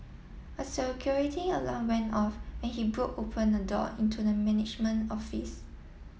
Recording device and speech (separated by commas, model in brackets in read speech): mobile phone (iPhone 7), read sentence